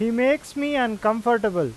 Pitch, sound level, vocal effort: 235 Hz, 93 dB SPL, loud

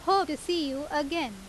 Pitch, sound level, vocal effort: 295 Hz, 90 dB SPL, very loud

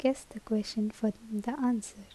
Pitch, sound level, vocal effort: 215 Hz, 72 dB SPL, soft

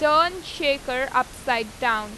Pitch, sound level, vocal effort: 260 Hz, 94 dB SPL, loud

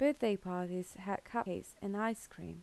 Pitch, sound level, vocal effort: 195 Hz, 78 dB SPL, soft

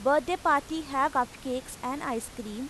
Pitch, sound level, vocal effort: 265 Hz, 91 dB SPL, loud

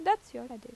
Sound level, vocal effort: 87 dB SPL, normal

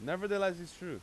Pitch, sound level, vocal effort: 180 Hz, 96 dB SPL, very loud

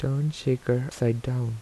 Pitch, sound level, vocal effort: 125 Hz, 78 dB SPL, soft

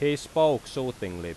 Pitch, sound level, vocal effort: 125 Hz, 91 dB SPL, very loud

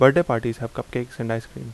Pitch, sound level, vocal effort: 120 Hz, 82 dB SPL, normal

